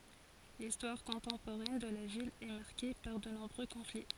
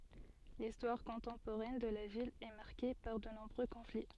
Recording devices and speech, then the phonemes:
forehead accelerometer, soft in-ear microphone, read sentence
listwaʁ kɔ̃tɑ̃poʁɛn də la vil ɛ maʁke paʁ də nɔ̃bʁø kɔ̃fli

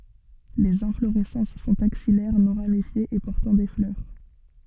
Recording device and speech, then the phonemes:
soft in-ear microphone, read sentence
lez ɛ̃floʁɛsɑ̃s sɔ̃t aksijɛʁ nɔ̃ ʁamifjez e pɔʁtɑ̃ de flœʁ

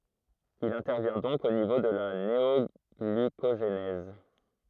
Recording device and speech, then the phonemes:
throat microphone, read sentence
il ɛ̃tɛʁvjɛ̃ dɔ̃k o nivo də la neɔɡlykoʒnɛz

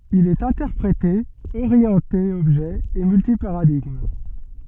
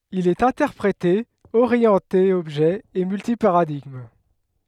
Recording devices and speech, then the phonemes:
soft in-ear microphone, headset microphone, read sentence
il ɛt ɛ̃tɛʁpʁete oʁjɑ̃te ɔbʒɛ e mylti paʁadiɡm

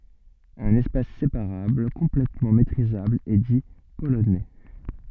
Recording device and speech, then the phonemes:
soft in-ear microphone, read sentence
œ̃n ɛspas sepaʁabl kɔ̃plɛtmɑ̃ metʁizabl ɛ di polonɛ

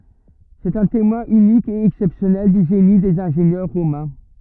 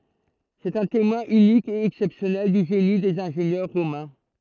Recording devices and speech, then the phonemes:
rigid in-ear microphone, throat microphone, read sentence
sɛt œ̃ temwɛ̃ ynik e ɛksɛpsjɔnɛl dy ʒeni dez ɛ̃ʒenjœʁ ʁomɛ̃

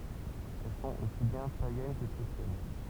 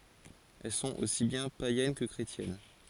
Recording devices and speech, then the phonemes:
temple vibration pickup, forehead accelerometer, read sentence
ɛl sɔ̃t osi bjɛ̃ pajɛn kə kʁetjɛn

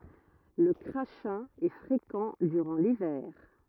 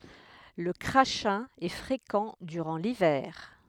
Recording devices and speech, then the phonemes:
rigid in-ear microphone, headset microphone, read sentence
lə kʁaʃɛ̃ ɛ fʁekɑ̃ dyʁɑ̃ livɛʁ

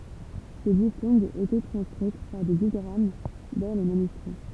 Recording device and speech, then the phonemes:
temple vibration pickup, read sentence
se diftɔ̃ɡz etɛ tʁɑ̃skʁit paʁ de diɡʁam dɑ̃ le manyskʁi

